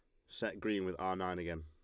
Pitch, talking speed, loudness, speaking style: 90 Hz, 265 wpm, -39 LUFS, Lombard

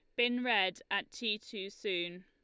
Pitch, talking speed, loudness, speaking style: 200 Hz, 175 wpm, -34 LUFS, Lombard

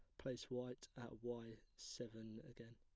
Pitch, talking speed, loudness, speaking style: 115 Hz, 140 wpm, -52 LUFS, plain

